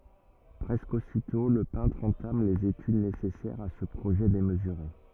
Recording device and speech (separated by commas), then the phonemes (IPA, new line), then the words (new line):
rigid in-ear microphone, read sentence
pʁɛskə ositɔ̃ lə pɛ̃tʁ ɑ̃tam lez etyd nesɛsɛʁz a sə pʁoʒɛ demzyʁe
Presque aussitôt, le peintre entame les études nécessaires à ce projet démesuré.